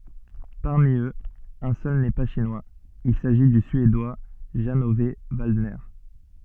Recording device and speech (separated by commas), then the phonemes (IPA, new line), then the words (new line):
soft in-ear microphone, read sentence
paʁmi øz œ̃ sœl nɛ pa ʃinwaz il saʒi dy syedwa ʒɑ̃ ɔv valdnɛʁ
Parmi eux, un seul n'est pas Chinois, il s'agit du Suédois Jan-Ove Waldner.